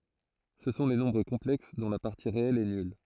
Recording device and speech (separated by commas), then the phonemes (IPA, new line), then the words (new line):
throat microphone, read sentence
sə sɔ̃ le nɔ̃bʁ kɔ̃plɛks dɔ̃ la paʁti ʁeɛl ɛ nyl
Ce sont les nombres complexes dont la partie réelle est nulle.